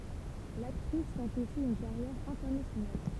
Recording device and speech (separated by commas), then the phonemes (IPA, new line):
temple vibration pickup, read sentence
laktʁis tɑ̃t osi yn kaʁjɛʁ ɛ̃tɛʁnasjonal